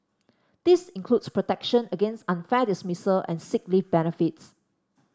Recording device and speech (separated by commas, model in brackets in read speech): standing microphone (AKG C214), read sentence